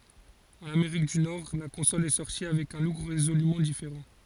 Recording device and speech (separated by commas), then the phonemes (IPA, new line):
forehead accelerometer, read sentence
ɑ̃n ameʁik dy nɔʁ la kɔ̃sɔl ɛ sɔʁti avɛk œ̃ luk ʁezolymɑ̃ difeʁɑ̃